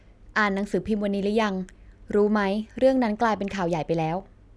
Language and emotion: Thai, neutral